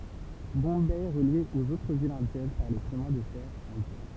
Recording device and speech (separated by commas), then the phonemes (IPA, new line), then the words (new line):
temple vibration pickup, read sentence
bɔ̃bɛ ɛ ʁəlje oz otʁ vilz ɛ̃djɛn paʁ le ʃəmɛ̃ də fɛʁ ɛ̃djɛ̃
Bombay est relié aux autres villes indiennes par les Chemins de fer indiens.